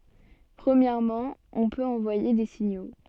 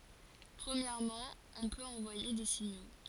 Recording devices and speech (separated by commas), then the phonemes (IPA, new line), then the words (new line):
soft in-ear microphone, forehead accelerometer, read sentence
pʁəmjɛʁmɑ̃ ɔ̃ pøt ɑ̃vwaje de siɲo
Premièrement, on peut envoyer des signaux.